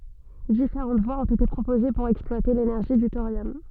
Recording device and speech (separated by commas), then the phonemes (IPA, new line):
soft in-ear microphone, read sentence
difeʁɑ̃t vwaz ɔ̃t ete pʁopoze puʁ ɛksplwate lenɛʁʒi dy toʁjɔm